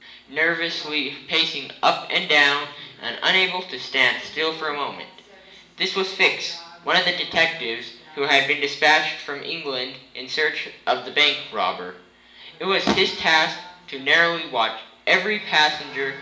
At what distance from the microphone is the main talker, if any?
1.8 m.